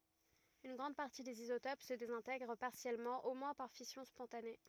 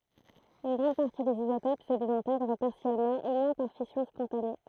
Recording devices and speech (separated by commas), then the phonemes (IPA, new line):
rigid in-ear microphone, throat microphone, read sentence
yn ɡʁɑ̃d paʁti dez izotop sə dezɛ̃tɛɡʁ paʁsjɛlmɑ̃ o mwɛ̃ paʁ fisjɔ̃ spɔ̃tane